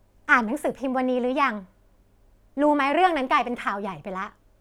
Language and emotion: Thai, frustrated